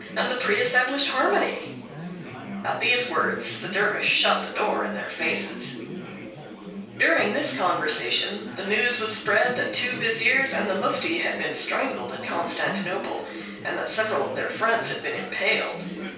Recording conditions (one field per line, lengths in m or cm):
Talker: one person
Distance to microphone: 3.0 m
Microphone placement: far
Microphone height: 1.8 m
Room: small (3.7 m by 2.7 m)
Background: babble